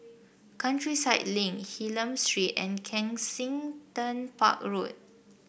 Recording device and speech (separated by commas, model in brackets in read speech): boundary microphone (BM630), read sentence